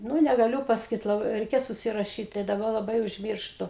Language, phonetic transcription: Lithuanian, ˈnū negaˈliu pasaˈkyt laˈbai reiˈkės užsiraˈšyt tai daˈba laˈbai užˈmyrštu

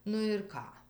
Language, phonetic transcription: Lithuanian, ˈnu ir ˈką

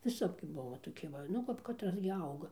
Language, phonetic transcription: Lithuanian, viˈsap gi ˈbuva toˈki ˈva ˌnu kap katˈras gi ˈauga

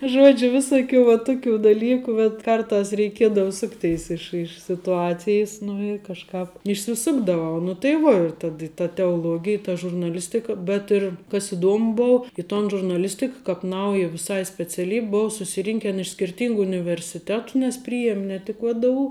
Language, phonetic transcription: Lithuanian, ˈžuodžiu ˈvisuˌkių va ˈtuˌkių daˈlykų bet ˈkarˌtas reiˈkiedava ˈsukˌteis ˈiš iš situˈacijis nu i kažˈkāp išsiˈsukdavau nu tai ˈvuo ir ˈtad i ta teoˈluogij ta žurnaˈlistika bet ir kas įˈduomu ˈbou i ton žurnaˈlistik kap ˈnauja viˈsai speciaˈlyb' ˈbou susiˈrinken iš skirˈtyngu universiˈtetu nes ˈpryjiem' ne ˈtik vdu

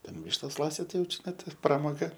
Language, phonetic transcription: Lithuanian, ten ˈvištos ˈlasit ˈtai jau čiˈnai ti pramoˈga

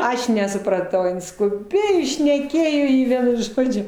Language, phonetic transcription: Lithuanian, ˈaš nesupraˈtau ˈin skuˈbėjo i šneˈkėjo i ˈvienu ˈžodžiu

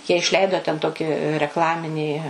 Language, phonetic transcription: Lithuanian, jie išˈleido ten ˈtoki rekˈlaminį

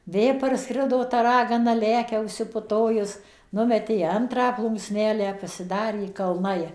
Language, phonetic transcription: Lithuanian, ˈvė parˈskrido ta ˈragana ˈlekia užsipuˈtojus ˈnumetė iˈantrą plunksˈnelę pasiˈdarė kalˈnai

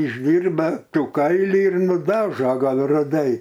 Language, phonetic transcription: Lithuanian, išˈdyrba ˈtų ˈkailį ir nuˈdažo ˈgal ruˈdai

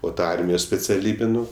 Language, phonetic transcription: Lithuanian, o ˈta ˈarmijos speciaˈlybi ˈnu

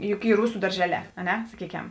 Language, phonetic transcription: Lithuanian, ˈjuk ˈy ˈrusu darˈžeˌlē a ˈne saˈkykem

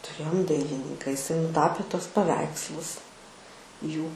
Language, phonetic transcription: Lithuanian, tuˈrėjom ˈdailininka iˈsai nuˈtapė ˈtuos paˈveikslus ˈjų

